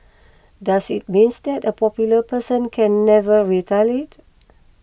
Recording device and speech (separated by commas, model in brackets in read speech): boundary microphone (BM630), read sentence